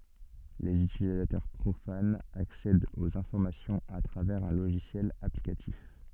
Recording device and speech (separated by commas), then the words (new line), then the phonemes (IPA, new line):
soft in-ear microphone, read sentence
Les utilisateurs profanes accèdent aux informations à travers un logiciel applicatif.
lez ytilizatœʁ pʁofanz aksɛdt oz ɛ̃fɔʁmasjɔ̃z a tʁavɛʁz œ̃ loʒisjɛl aplikatif